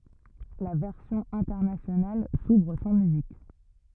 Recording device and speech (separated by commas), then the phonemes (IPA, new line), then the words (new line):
rigid in-ear microphone, read sentence
la vɛʁsjɔ̃ ɛ̃tɛʁnasjonal suvʁ sɑ̃ myzik
La version internationale s'ouvre sans musique.